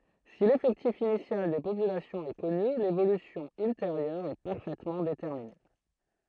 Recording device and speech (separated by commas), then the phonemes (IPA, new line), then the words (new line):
throat microphone, read sentence
si lefɛktif inisjal de popylasjɔ̃z ɛ kɔny levolysjɔ̃ ylteʁjœʁ ɛ paʁfɛtmɑ̃ detɛʁmine
Si l'effectif initial des populations est connu, l'évolution ultérieure est parfaitement déterminée.